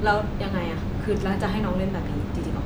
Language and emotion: Thai, frustrated